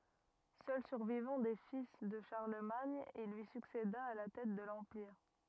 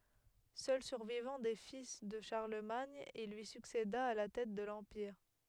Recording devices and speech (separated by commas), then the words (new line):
rigid in-ear microphone, headset microphone, read sentence
Seul survivant des fils de Charlemagne, il lui succéda à la tête de l'empire.